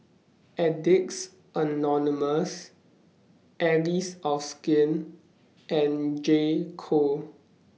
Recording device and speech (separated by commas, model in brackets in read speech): mobile phone (iPhone 6), read sentence